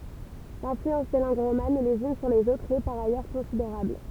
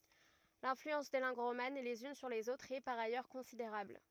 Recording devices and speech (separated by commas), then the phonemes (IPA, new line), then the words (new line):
temple vibration pickup, rigid in-ear microphone, read sentence
lɛ̃flyɑ̃s de lɑ̃ɡ ʁoman lez yn syʁ lez otʁz ɛ paʁ ajœʁ kɔ̃sideʁabl
L'influence des langues romanes les unes sur les autres est par ailleurs considérable.